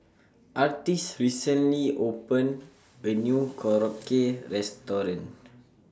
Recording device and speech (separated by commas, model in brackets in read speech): standing microphone (AKG C214), read sentence